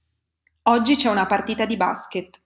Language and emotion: Italian, neutral